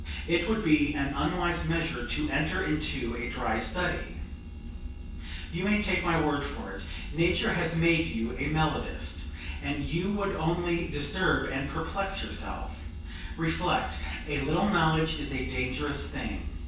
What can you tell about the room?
A spacious room.